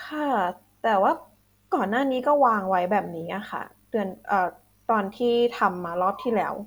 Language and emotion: Thai, frustrated